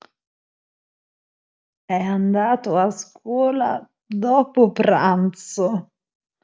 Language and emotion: Italian, disgusted